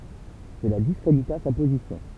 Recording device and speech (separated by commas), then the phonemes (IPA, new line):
temple vibration pickup, read sentence
səla diskʁedita sa pozisjɔ̃